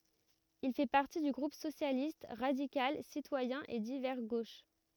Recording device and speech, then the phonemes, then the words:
rigid in-ear microphone, read sentence
il fɛ paʁti dy ɡʁup sosjalist ʁadikal sitwajɛ̃ e divɛʁ ɡoʃ
Il fait partie du groupe socialiste, radical, citoyen et divers gauche.

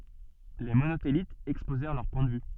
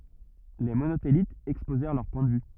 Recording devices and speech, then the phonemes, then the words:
soft in-ear microphone, rigid in-ear microphone, read sentence
le monotelitz ɛkspozɛʁ lœʁ pwɛ̃ də vy
Les Monothélites exposèrent leur point de vue.

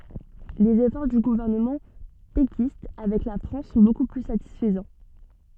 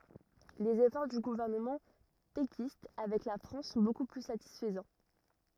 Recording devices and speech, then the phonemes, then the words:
soft in-ear microphone, rigid in-ear microphone, read sentence
lez efɔʁ dy ɡuvɛʁnəmɑ̃ pekist avɛk la fʁɑ̃s sɔ̃ boku ply satisfəzɑ̃
Les efforts du gouvernement péquiste avec la France sont beaucoup plus satisfaisants.

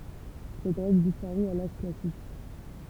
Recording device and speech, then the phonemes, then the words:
temple vibration pickup, read sentence
sɛt ʁɛɡl dispaʁy a laʒ klasik
Cette règle disparut à l'âge classique.

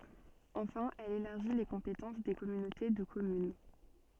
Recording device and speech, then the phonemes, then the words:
soft in-ear microphone, read sentence
ɑ̃fɛ̃ ɛl elaʁʒi le kɔ̃petɑ̃s de kɔmynote də kɔmyn
Enfin, elle élargit les compétences des communautés de communes.

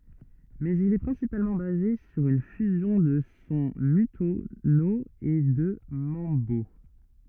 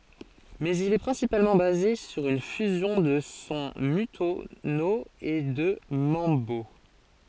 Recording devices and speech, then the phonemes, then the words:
rigid in-ear microphone, forehead accelerometer, read sentence
mɛz il ɛ pʁɛ̃sipalmɑ̃ baze syʁ yn fyzjɔ̃ də sɔ̃ mɔ̃tyno e də mɑ̃bo
Mais il est principalement basé sur une fusion de son montuno et de mambo.

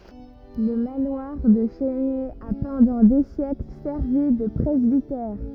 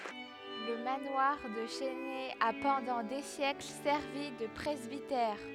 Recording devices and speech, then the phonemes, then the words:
rigid in-ear microphone, headset microphone, read sentence
lə manwaʁ də la ʃɛsnɛ a pɑ̃dɑ̃ de sjɛkl sɛʁvi də pʁɛzbitɛʁ
Le manoir de la Chesnay a pendant des siècles servi de presbytère.

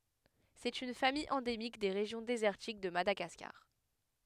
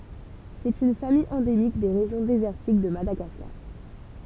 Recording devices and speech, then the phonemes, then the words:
headset microphone, temple vibration pickup, read sentence
sɛt yn famij ɑ̃demik de ʁeʒjɔ̃ dezɛʁtik də madaɡaskaʁ
C'est une famille endémique des régions désertiques de Madagascar.

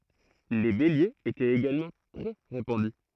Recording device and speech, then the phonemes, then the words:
throat microphone, read sentence
le beljez etɛt eɡalmɑ̃ tʁɛ ʁepɑ̃dy
Les béliers étaient également très répandus.

